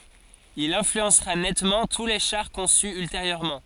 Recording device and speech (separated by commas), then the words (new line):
forehead accelerometer, read sentence
Il influencera nettement tous les chars conçus ultérieurement.